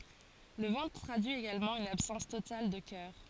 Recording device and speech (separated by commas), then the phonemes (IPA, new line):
forehead accelerometer, read sentence
lə vɑ̃tʁ tʁadyi eɡalmɑ̃ yn absɑ̃s total də kœʁ